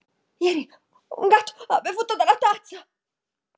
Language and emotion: Italian, fearful